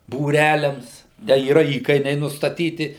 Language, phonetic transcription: Lithuanian, būˈræliams da yˈra ˈįkainiai nustaˈtyti

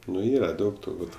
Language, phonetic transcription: Lithuanian, nu ˈyra ˈdaug turˈbūt

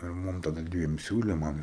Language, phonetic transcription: Lithuanian, ir ˈmum taˈda ˈdviem ˈsiūlė ˈman

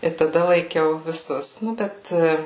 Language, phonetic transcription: Lithuanian, i taˈda laiˈkiau viˈsus nu ˈbet

